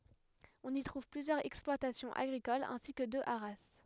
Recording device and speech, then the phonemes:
headset microphone, read sentence
ɔ̃n i tʁuv plyzjœʁz ɛksplwatasjɔ̃z aɡʁikolz ɛ̃si kə dø aʁa

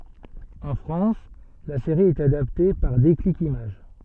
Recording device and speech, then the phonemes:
soft in-ear microphone, read sentence
ɑ̃ fʁɑ̃s la seʁi ɛt adapte paʁ deklik imaʒ

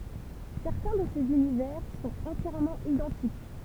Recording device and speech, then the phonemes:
temple vibration pickup, read sentence
sɛʁtɛ̃ də sez ynivɛʁ sɔ̃t ɑ̃tjɛʁmɑ̃ idɑ̃tik

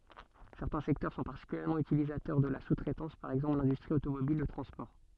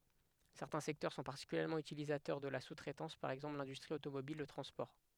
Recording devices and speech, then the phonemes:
soft in-ear microphone, headset microphone, read sentence
sɛʁtɛ̃ sɛktœʁ sɔ̃ paʁtikyljɛʁmɑ̃ ytilizatœʁ də la su tʁɛtɑ̃s paʁ ɛɡzɑ̃pl lɛ̃dystʁi otomobil lə tʁɑ̃spɔʁ

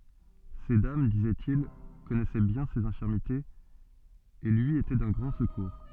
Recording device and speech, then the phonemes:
soft in-ear microphone, read sentence
se dam dizɛtil kɔnɛsɛ bjɛ̃ sez ɛ̃fiʁmitez e lyi etɛ dœ̃ ɡʁɑ̃ səkuʁ

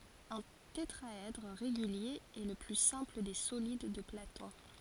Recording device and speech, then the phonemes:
forehead accelerometer, read sentence
œ̃ tetʁaɛdʁ ʁeɡylje ɛ lə ply sɛ̃pl de solid də platɔ̃

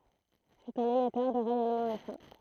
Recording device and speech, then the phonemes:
throat microphone, read sentence
sɛt œ̃n emɛtœʁ də ʁɛjɔnmɑ̃ alfa

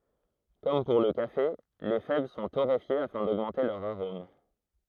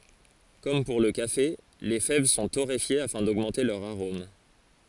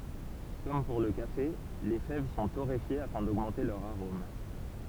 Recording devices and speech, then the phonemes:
throat microphone, forehead accelerometer, temple vibration pickup, read sentence
kɔm puʁ lə kafe le fɛv sɔ̃ toʁefje afɛ̃ doɡmɑ̃te lœʁ aʁom

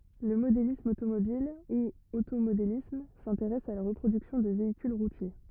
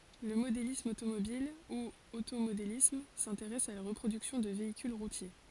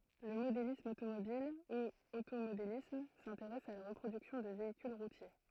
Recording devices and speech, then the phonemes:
rigid in-ear microphone, forehead accelerometer, throat microphone, read sentence
lə modelism otomobil u otomodelism sɛ̃teʁɛs a la ʁəpʁodyksjɔ̃ də veikyl ʁutje

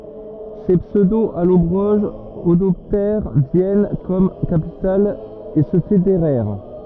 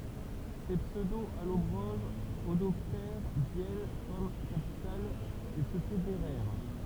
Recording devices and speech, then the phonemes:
rigid in-ear microphone, temple vibration pickup, read sentence
se psødoalɔbʁoʒz adɔptɛʁ vjɛn kɔm kapital e sə fedeʁɛʁ

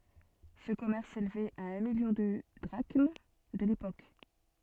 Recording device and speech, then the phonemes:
soft in-ear microphone, read sentence
sə kɔmɛʁs selvɛt a œ̃ miljɔ̃ də dʁaʃm də lepok

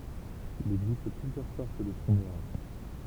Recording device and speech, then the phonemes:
temple vibration pickup, read sentence
il ɛɡzist plyzjœʁ sɔʁt də tʁu nwaʁ

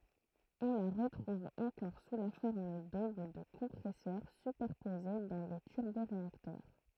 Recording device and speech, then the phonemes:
throat microphone, read sentence
ɔ̃ la ʁətʁuv ɑ̃kɔʁ su la fɔʁm dob də kɔ̃pʁɛsœʁ sypɛʁpoze dɑ̃ le tyʁboʁeaktœʁ

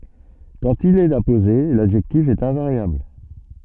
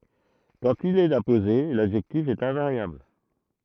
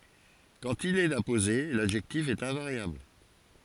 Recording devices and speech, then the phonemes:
soft in-ear microphone, throat microphone, forehead accelerometer, read sentence
kɑ̃t il ɛt apoze ladʒɛktif ɛt ɛ̃vaʁjabl

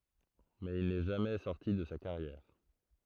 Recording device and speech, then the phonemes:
throat microphone, read sentence
mɛz il nɛ ʒamɛ sɔʁti də sa kaʁjɛʁ

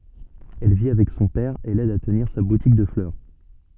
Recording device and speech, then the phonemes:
soft in-ear microphone, read sentence
ɛl vi avɛk sɔ̃ pɛʁ e lɛd a təniʁ sa butik də flœʁ

